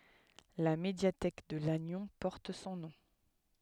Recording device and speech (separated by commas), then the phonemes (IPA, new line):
headset microphone, read sentence
la medjatɛk də lanjɔ̃ pɔʁt sɔ̃ nɔ̃